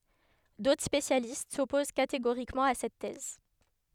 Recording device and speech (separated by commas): headset microphone, read sentence